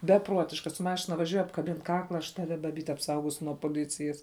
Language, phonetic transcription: Lithuanian, beˈpruotiška su ˈmašina vaˈžiuoj apkaˈbin ˈkakla aš ˈtavi baˈbyt apˈsaugosiu nuo poˈlicijas

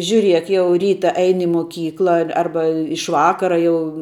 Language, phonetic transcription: Lithuanian, žiuˈriek ˈjau ˈryta ˈeini i moˈkykla ar ˈarba iš ˈvakara jau

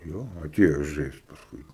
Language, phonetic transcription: Lithuanian, ˈjo aˈtėjo ˈžaist pasˈkui

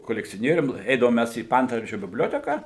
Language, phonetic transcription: Lithuanian, kolekcioˈnierium ˈeidavom ˈmæs į ˈpaantvardžiu bibˈlioteką

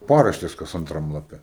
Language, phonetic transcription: Lithuanian, ˈparaštės kas anˈtram laˈpe

